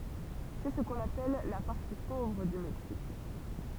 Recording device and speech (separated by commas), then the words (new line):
temple vibration pickup, read sentence
C'est ce qu'on appelle la partie pauvre du Mexique.